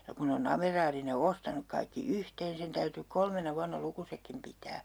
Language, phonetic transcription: Finnish, ja 'kun ne o'n ‿ameraari ne 'ostanuk kaikki "yhteen 'sen täyty 'kolmena 'vuanna 'lukusekkim pitää .
- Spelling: ja kun ne on amiraali ne ostanut kaikki yhteen sen täytyi kolmena vuonna lukusetkin pitää

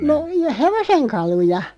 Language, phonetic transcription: Finnish, no , "hevoseŋkaluja .
- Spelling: no hevosenkaluja

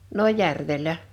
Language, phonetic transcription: Finnish, 'no "järvel̀ä .
- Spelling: no järvellä

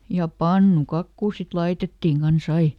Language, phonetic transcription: Finnish, ja "pannuˈkakkuu sit ˈlaitettiŋ ˈkan"s ‿ai .
- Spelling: ja pannukakkua sitten laitettiin kanssa aina

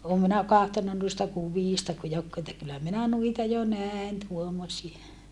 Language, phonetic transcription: Finnish, oom minä kahtonna nuista kuviista ku jokkuu että kyllä minä nuita jo nä̀en tuommosie .
- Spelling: olen minä katsonut noista kuvista kun joku että kyllä minä noita jo näin tuommoisia

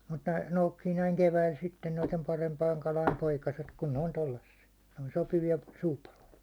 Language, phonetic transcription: Finnish, mut ne 'noukkii näiŋ 'keväil sitten noitem 'parempaiŋ 'kalaim 'poikaset , kun ne on 'tollassi₍a , ne on 'sopivi₍a , 'suupaloja .
- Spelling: mutta ne noukkii näin keväällä sitten noiden parempien kalojen poikaset kun ne on tuollaisia ne on sopivia suupaloja

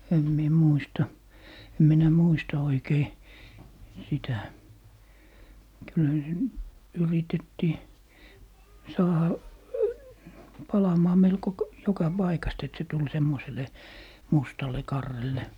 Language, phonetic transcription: Finnish, 'em mie "muista , 'em minä "muista 'oikei , 'sitä , kylhä se , 'yritettii , "saaha , 'palamaa 'melko k- , "joka 'Baikast ‿et se tul 'semmosele , 'mustale 'karrelle .
- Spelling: en minä muista en minä muista oikein sitä kyllähän se yritettiin saada palamaan melko - joka paikasta että se tuli semmoiselle mustalle karrelle

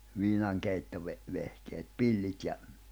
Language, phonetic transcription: Finnish, 'viinaŋkeittove- , 'vehkeet "pillit ja ,.
- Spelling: - viinankeittovehkeet pillit ja

